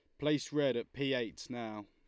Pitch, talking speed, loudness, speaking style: 130 Hz, 215 wpm, -36 LUFS, Lombard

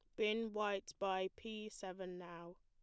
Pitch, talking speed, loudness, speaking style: 190 Hz, 150 wpm, -43 LUFS, plain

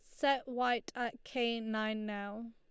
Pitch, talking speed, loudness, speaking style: 230 Hz, 155 wpm, -36 LUFS, Lombard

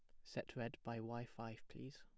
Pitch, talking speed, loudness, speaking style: 115 Hz, 210 wpm, -50 LUFS, plain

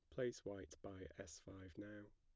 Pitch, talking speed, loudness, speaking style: 100 Hz, 185 wpm, -53 LUFS, plain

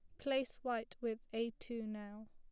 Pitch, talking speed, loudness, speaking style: 230 Hz, 170 wpm, -42 LUFS, plain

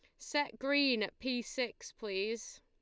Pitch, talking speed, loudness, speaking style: 245 Hz, 150 wpm, -35 LUFS, Lombard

